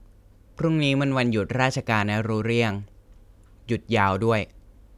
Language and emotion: Thai, neutral